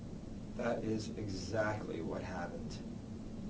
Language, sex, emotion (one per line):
English
male
neutral